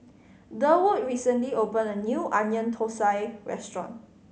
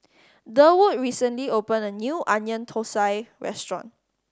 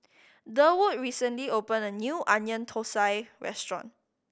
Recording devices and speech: mobile phone (Samsung C5010), standing microphone (AKG C214), boundary microphone (BM630), read sentence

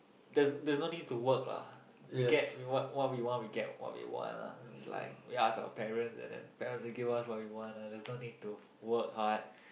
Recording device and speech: boundary microphone, conversation in the same room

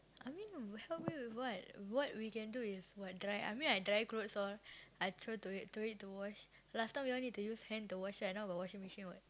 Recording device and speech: close-talking microphone, conversation in the same room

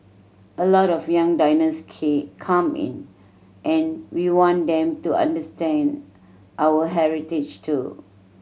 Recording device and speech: mobile phone (Samsung C7100), read sentence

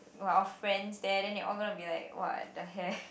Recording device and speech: boundary microphone, conversation in the same room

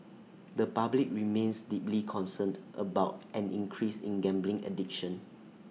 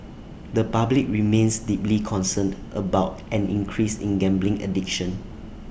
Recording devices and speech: mobile phone (iPhone 6), boundary microphone (BM630), read sentence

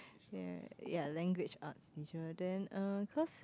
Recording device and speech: close-talking microphone, conversation in the same room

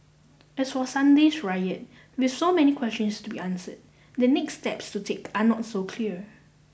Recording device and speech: boundary microphone (BM630), read sentence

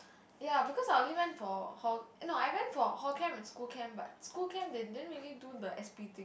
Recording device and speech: boundary microphone, conversation in the same room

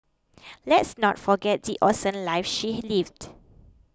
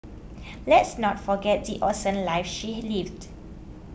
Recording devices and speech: close-talking microphone (WH20), boundary microphone (BM630), read sentence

